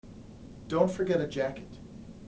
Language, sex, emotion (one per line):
English
male
neutral